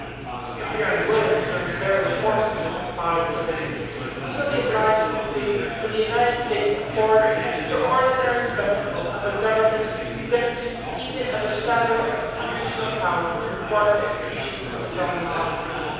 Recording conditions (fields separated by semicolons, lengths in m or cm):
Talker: one person; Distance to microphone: 7.1 m; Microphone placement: far; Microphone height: 1.7 m; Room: very reverberant, large; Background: babble